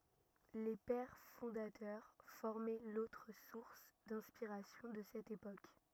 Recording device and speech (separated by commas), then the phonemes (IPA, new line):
rigid in-ear microphone, read sentence
le pɛʁ fɔ̃datœʁ fɔʁmɛ lotʁ suʁs dɛ̃spiʁasjɔ̃ də sɛt epok